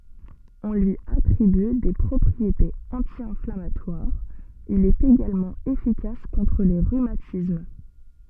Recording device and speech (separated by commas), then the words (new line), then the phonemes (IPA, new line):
soft in-ear microphone, read sentence
On lui attribue des propriétés anti-inflammatoires, il est également efficace contre les rhumatismes.
ɔ̃ lyi atʁiby de pʁɔpʁietez ɑ̃tjɛ̃flamatwaʁz il ɛt eɡalmɑ̃ efikas kɔ̃tʁ le ʁymatism